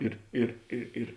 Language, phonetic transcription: Lithuanian, ˈir ir i ir

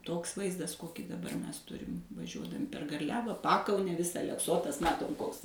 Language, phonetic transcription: Lithuanian, ˈtoks ˈvaizdas ˈkokį daˈbar ˈmes ˈturim vaˈžiuodami per garˈliava ˈpakaune ˈvisa alekˈsotas ˈmatom ˈkoks

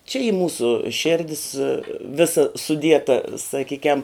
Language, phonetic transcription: Lithuanian, čia y ˈmūsu ˈšėrdis ˈvisa suˈdieta saˈkykem

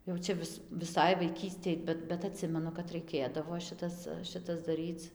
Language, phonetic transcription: Lithuanian, jau ˈčia vis viˈsai vaiˈkystėj ˈbet bet aˈtsimenu kad raiˈkėdavo ˈšitas ˈšitas daˈryc

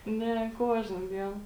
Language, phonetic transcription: Lithuanian, ˈne ˈkuožna ˈdien

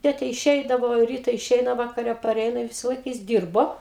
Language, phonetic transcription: Lithuanian, ˈtėte išˈeidavo ˈryta iˈšeina vakaˈre paˈreina i ˈvisalaik jis ˈdyrbo

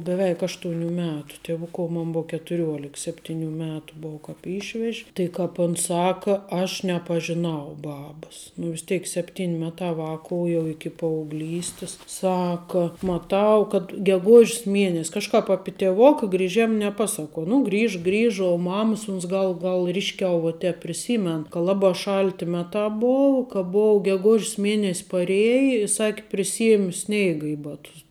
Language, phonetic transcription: Lithuanian, beˈveik ˈaštuoniu ˈmetu tieˈvukuo ˈmon ˈbou ketuˈriuolik ˈseptiniu ˈmetu ˈbou ˈkāp ˈyšvež' tai ˈkāp ˈuns ˈsaka aš nepažiˈnau ˈbabas nu vis ˈteik ˈsepˌtin' ˈmeˌtā ˈvāku jau ˈiki paaugˈlystis ˈsaka maˈtau kad geˈguž's ˈmienes' kažˈkap ˈapi tėˈvoka griˈžėm neˈpasaˌkuo ˈnu ˈgriža ˈgriža u ˈmamas uns ˈgal ˈgal ˈryšˌkiau vu ˈtēp priˈsymen ka ˈlabā ˈšalti ˈmetā ˈbou ka ˈbou geˈgož's ˈmienes' paˈrieja i ˈsaki priˈsiemi ˈsneiga i ˈbatus

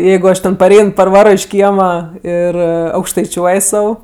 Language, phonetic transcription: Lithuanian, ˈjeigu ˈaš ten paˈrein parˈvaro iš ˈkiema ir aukštaiˈčiuoj ˈsau

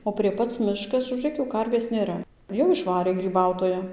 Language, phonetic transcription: Lithuanian, o prie ˈpac ˈmiškas žūˈrėk jau ˈkarvės nėˈra jau išˈvarė gryˈbautoja

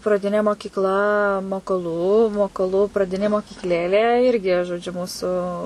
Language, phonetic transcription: Lithuanian, praˈdinė mokykˈla mokoˈlų mokoˈlu praˈdinė mokykˈlėlė ˈirgi žoˈdžiu ˈmūsu

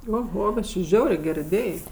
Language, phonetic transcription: Lithuanian, oˈho bet či ˈžiaurė ˈger iˈdėj

